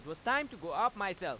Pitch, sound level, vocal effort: 200 Hz, 98 dB SPL, very loud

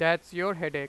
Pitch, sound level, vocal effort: 165 Hz, 98 dB SPL, very loud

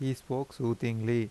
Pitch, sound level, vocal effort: 120 Hz, 83 dB SPL, normal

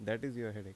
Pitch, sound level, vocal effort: 110 Hz, 82 dB SPL, normal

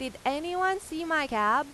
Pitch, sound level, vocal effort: 300 Hz, 94 dB SPL, very loud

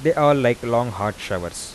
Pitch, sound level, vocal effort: 120 Hz, 88 dB SPL, soft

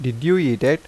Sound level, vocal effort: 86 dB SPL, normal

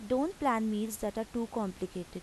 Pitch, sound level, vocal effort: 220 Hz, 84 dB SPL, normal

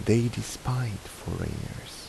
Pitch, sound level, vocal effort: 115 Hz, 76 dB SPL, soft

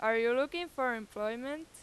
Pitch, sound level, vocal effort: 250 Hz, 95 dB SPL, loud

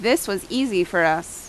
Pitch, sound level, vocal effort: 180 Hz, 86 dB SPL, loud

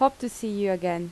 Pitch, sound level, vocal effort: 205 Hz, 83 dB SPL, normal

